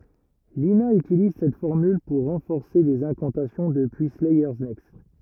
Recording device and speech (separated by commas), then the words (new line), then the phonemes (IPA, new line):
rigid in-ear microphone, read sentence
Lina utilise cette formule pour renforcer des incantations depuis Slayers Next.
lina ytiliz sɛt fɔʁmyl puʁ ʁɑ̃fɔʁse dez ɛ̃kɑ̃tasjɔ̃ dəpyi slɛjœʁ nɛkst